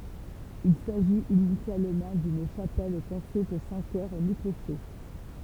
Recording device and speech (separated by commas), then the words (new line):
temple vibration pickup, read sentence
Il s’agit initialement d’une chapelle construite sans chœur ni clocher.